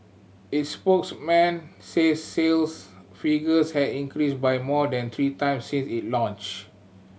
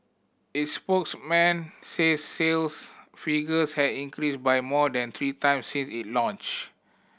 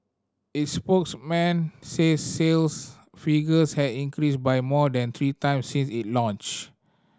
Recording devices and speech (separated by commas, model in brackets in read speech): mobile phone (Samsung C7100), boundary microphone (BM630), standing microphone (AKG C214), read sentence